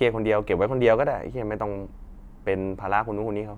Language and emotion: Thai, frustrated